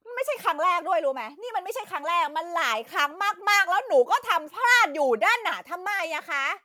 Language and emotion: Thai, angry